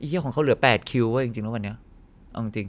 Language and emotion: Thai, angry